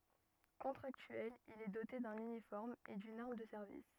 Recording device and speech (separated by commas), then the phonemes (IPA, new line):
rigid in-ear microphone, read sentence
kɔ̃tʁaktyɛl il ɛ dote dœ̃n ynifɔʁm e dyn aʁm də sɛʁvis